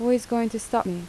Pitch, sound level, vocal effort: 230 Hz, 79 dB SPL, soft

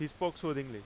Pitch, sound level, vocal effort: 150 Hz, 94 dB SPL, very loud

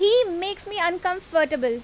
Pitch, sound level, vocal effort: 365 Hz, 91 dB SPL, loud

